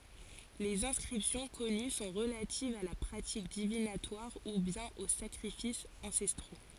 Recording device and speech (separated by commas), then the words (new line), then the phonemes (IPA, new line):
forehead accelerometer, read sentence
Les inscriptions connues sont relatives à la pratique divinatoire ou bien aux sacrifices ancestraux.
lez ɛ̃skʁipsjɔ̃ kɔny sɔ̃ ʁəlativz a la pʁatik divinatwaʁ u bjɛ̃n o sakʁifisz ɑ̃sɛstʁo